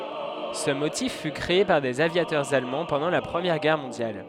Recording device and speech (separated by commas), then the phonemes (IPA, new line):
headset microphone, read sentence
sə motif fy kʁee paʁ dez avjatœʁz almɑ̃ pɑ̃dɑ̃ la pʁəmjɛʁ ɡɛʁ mɔ̃djal